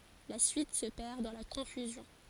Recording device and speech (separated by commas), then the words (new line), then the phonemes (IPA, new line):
forehead accelerometer, read sentence
La suite se perd dans la confusion.
la syit sə pɛʁ dɑ̃ la kɔ̃fyzjɔ̃